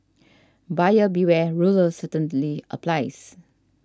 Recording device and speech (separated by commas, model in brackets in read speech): standing microphone (AKG C214), read sentence